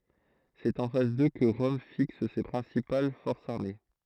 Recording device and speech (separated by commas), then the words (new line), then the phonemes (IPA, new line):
throat microphone, read sentence
C'est en face d'eux que Rome fixe ses principales forces armées.
sɛt ɑ̃ fas dø kə ʁɔm fiks se pʁɛ̃sipal fɔʁsz aʁme